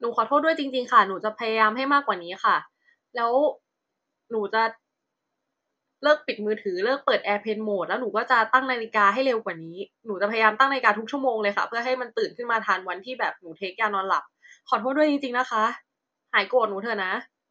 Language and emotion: Thai, frustrated